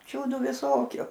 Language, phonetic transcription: Lithuanian, ˈčiūdu viˈsokiu

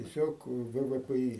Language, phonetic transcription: Lithuanian, tieˈ siog ˈvɘ ˈvɘ ˈpɘ ˈy

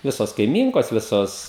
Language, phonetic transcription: Lithuanian, ˈvisos kaiˈmynkos ˈvisos

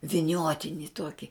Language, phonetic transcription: Lithuanian, viˈniotini ˈtuoki

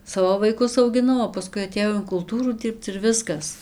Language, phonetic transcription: Lithuanian, ˈsavo vaiˈkus augiˈnau o paˈskui atėˈjau in kulˈtūrų ˈdyrbc ir ˈviskas

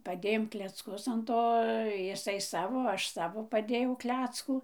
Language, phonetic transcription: Lithuanian, paˈdėjom klecˈkus an ˈto jiˈsai ˈsavo ˈaš ˈsavo paˈdėjauˈkleckų

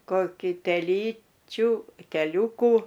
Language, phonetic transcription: Lithuanian, koˈkį teˈlyčiu teˈliūkų

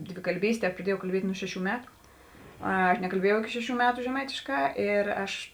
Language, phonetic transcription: Lithuanian, dvikalˈbystė praˈdiejau kalˈbiet' ˈnu ˈšeˌšių ˈmetu ˈa nekalˈbiejau iˈki ˈšeˌšių ˈmetu žeˈmaitėˌškā ˈir ˈaš

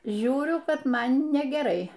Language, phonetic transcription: Lithuanian, ˈžiūriu ˈkad ˈman negeˈrai

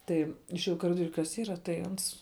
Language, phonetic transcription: Lithuanian, ˈtai išėˈjau i kaˈridoriu kas ˈyra tai ˈans

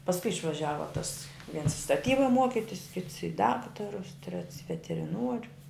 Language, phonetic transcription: Lithuanian, pasˈkui išvaˈžiava tas viens staˈtyba ˈmuokitis kits i ˈdaktarus trets i veteriˈnuoriu

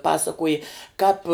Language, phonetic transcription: Lithuanian, ˈpasakoji kāp

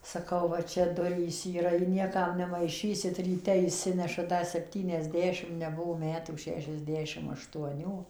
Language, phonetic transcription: Lithuanian, saˈkau va ˈčia ˈdurys yˈra i ˈniekam nemaiˈšysit ryˈte išˈsinešat ˈda sepˌtyniasˈdešim neˈbuvo ˈmetų ˌšešiasˈdešim aštuoˈnių

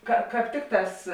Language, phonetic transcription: Lithuanian, ka ˈkāp ˈtikˌtās

